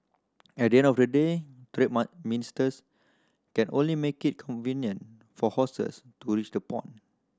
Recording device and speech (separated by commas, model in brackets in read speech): standing microphone (AKG C214), read sentence